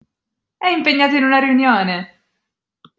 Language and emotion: Italian, happy